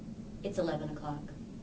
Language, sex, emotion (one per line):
English
female
neutral